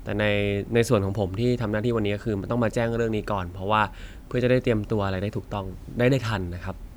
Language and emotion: Thai, neutral